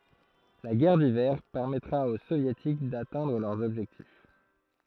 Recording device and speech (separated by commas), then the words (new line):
throat microphone, read sentence
La guerre d'Hiver permettra aux Soviétiques d'atteindre leurs objectifs.